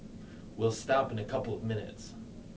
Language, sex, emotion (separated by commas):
English, male, neutral